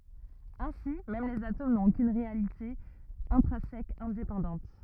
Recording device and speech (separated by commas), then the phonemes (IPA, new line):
rigid in-ear microphone, read sentence
ɛ̃si mɛm lez atom nɔ̃t okyn ʁealite ɛ̃tʁɛ̃sɛk ɛ̃depɑ̃dɑ̃t